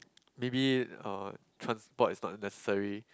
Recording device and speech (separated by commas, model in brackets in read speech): close-talking microphone, conversation in the same room